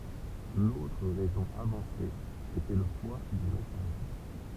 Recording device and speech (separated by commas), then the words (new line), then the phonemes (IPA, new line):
temple vibration pickup, read sentence
L'autre raison avancée était le poids du message.
lotʁ ʁɛzɔ̃ avɑ̃se etɛ lə pwa dy mɛsaʒ